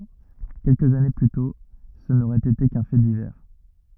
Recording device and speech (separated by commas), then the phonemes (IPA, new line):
rigid in-ear microphone, read sentence
kɛlkəz ane ply tɔ̃ sə noʁɛt ete kœ̃ fɛ divɛʁ